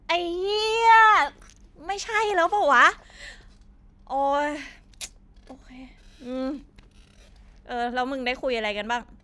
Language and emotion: Thai, frustrated